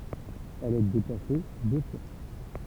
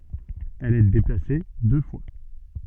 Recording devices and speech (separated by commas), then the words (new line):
temple vibration pickup, soft in-ear microphone, read sentence
Elle est déplacée deux fois.